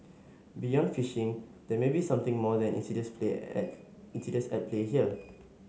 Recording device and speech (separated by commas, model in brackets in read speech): mobile phone (Samsung S8), read sentence